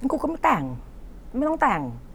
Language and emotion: Thai, frustrated